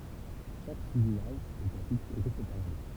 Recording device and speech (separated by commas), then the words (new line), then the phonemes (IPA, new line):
temple vibration pickup, read sentence
Chaque sous-image est ensuite traitée séparément.
ʃak suzimaʒ ɛt ɑ̃syit tʁɛte sepaʁemɑ̃